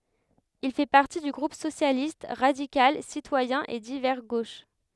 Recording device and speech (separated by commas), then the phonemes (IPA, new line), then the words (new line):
headset microphone, read sentence
il fɛ paʁti dy ɡʁup sosjalist ʁadikal sitwajɛ̃ e divɛʁ ɡoʃ
Il fait partie du groupe socialiste, radical, citoyen et divers gauche.